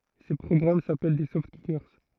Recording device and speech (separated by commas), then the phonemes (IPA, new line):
throat microphone, read sentence
se pʁɔɡʁam sapɛl de sɔftkike